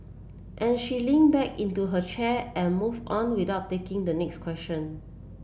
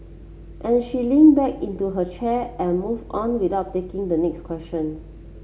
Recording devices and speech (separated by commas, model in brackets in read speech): boundary microphone (BM630), mobile phone (Samsung C7), read sentence